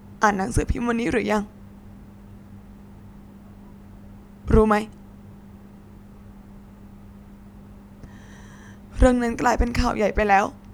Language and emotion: Thai, sad